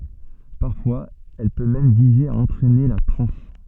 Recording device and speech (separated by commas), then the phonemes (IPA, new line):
soft in-ear microphone, read sentence
paʁfwaz ɛl pø mɛm vize a ɑ̃tʁɛne la tʁɑ̃s